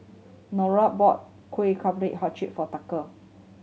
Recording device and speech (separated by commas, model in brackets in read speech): mobile phone (Samsung C7100), read sentence